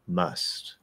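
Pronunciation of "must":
'Must' is said in its clearer form, with the uh vowel opened all the way rather than reduced to a schwa.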